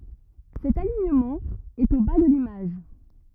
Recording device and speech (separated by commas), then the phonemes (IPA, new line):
rigid in-ear microphone, read sentence
sɛt aliɲəmɑ̃ ɛt o ba də limaʒ